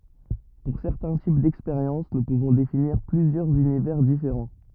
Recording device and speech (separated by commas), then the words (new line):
rigid in-ear microphone, read sentence
Pour certains types d'expériences, nous pouvons définir plusieurs univers différents.